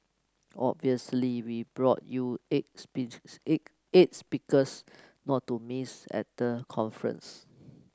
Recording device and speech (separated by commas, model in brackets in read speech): close-talking microphone (WH30), read sentence